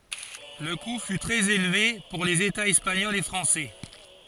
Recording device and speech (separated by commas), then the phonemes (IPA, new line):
forehead accelerometer, read sentence
lə ku fy tʁɛz elve puʁ lez etaz ɛspaɲɔlz e fʁɑ̃sɛ